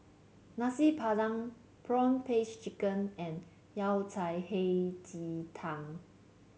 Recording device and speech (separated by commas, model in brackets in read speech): mobile phone (Samsung C7), read sentence